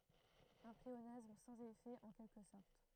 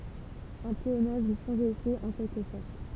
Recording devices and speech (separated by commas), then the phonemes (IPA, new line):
throat microphone, temple vibration pickup, read sentence
œ̃ pleonasm sɑ̃z efɛ ɑ̃ kɛlkə sɔʁt